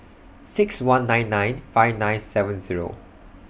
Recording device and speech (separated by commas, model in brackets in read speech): boundary microphone (BM630), read sentence